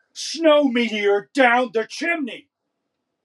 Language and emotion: English, angry